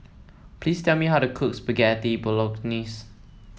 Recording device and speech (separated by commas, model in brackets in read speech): mobile phone (iPhone 7), read sentence